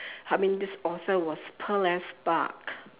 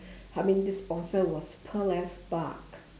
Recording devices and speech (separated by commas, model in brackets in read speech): telephone, standing microphone, conversation in separate rooms